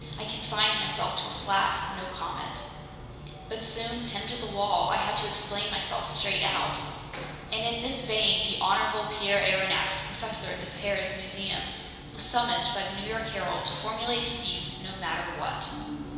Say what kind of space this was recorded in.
A big, echoey room.